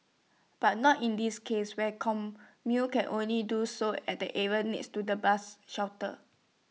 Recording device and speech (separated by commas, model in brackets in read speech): mobile phone (iPhone 6), read sentence